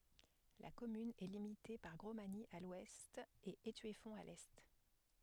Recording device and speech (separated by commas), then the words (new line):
headset microphone, read sentence
La commune est limitée par Grosmagny à l'ouest et Étueffont à l'est.